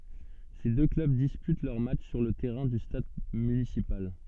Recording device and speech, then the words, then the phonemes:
soft in-ear microphone, read sentence
Ces deux clubs disputent leurs matchs sur le terrain du stade municipal.
se dø klœb dispyt lœʁ matʃ syʁ lə tɛʁɛ̃ dy stad mynisipal

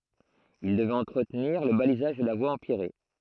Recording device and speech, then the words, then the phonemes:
throat microphone, read sentence
Il devait entretenir le balisage de la voie empierrée.
il dəvɛt ɑ̃tʁətniʁ lə balizaʒ də la vwa ɑ̃pjɛʁe

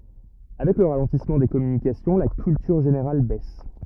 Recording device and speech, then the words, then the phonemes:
rigid in-ear microphone, read sentence
Avec le ralentissement des communications, la culture générale baisse.
avɛk lə ʁalɑ̃tismɑ̃ de kɔmynikasjɔ̃ la kyltyʁ ʒeneʁal bɛs

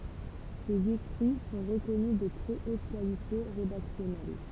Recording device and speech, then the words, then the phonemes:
temple vibration pickup, read sentence
Ses écrits sont reconnus de très haute qualité rédactionnelle.
sez ekʁi sɔ̃ ʁəkɔny də tʁɛ ot kalite ʁedaksjɔnɛl

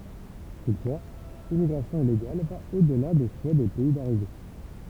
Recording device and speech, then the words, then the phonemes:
temple vibration pickup, read sentence
Toutefois, l'immigration illégale va au-delà des souhaits des pays d’arrivée.
tutfwa limmiɡʁasjɔ̃ ileɡal va o dəla de suɛ de pɛi daʁive

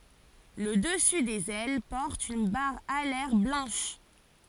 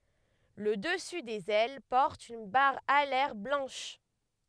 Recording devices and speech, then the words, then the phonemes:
forehead accelerometer, headset microphone, read sentence
Le dessus des ailes porte une barre alaire blanche.
lə dəsy dez ɛl pɔʁt yn baʁ alɛʁ blɑ̃ʃ

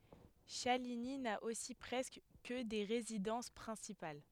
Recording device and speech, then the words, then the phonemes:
headset microphone, read sentence
Chaligny n'a aussi presque que des résidences principales.
ʃaliɲi na osi pʁɛskə kə de ʁezidɑ̃s pʁɛ̃sipal

